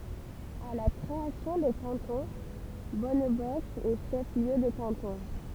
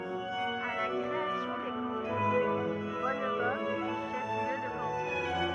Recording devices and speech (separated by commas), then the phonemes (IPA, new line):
temple vibration pickup, rigid in-ear microphone, read sentence
a la kʁeasjɔ̃ de kɑ̃tɔ̃ bɔnbɔsk ɛ ʃɛf ljø də kɑ̃tɔ̃